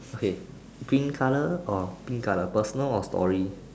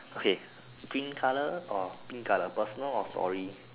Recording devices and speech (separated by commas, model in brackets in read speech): standing microphone, telephone, conversation in separate rooms